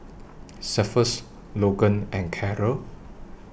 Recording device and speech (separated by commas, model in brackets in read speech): boundary microphone (BM630), read sentence